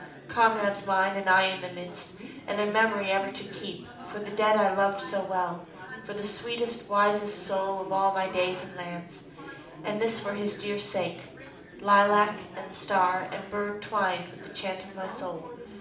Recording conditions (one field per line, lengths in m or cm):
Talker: one person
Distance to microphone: 2.0 m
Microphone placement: close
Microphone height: 99 cm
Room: medium-sized (5.7 m by 4.0 m)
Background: babble